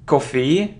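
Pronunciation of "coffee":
'Coffee' is pronounced incorrectly here.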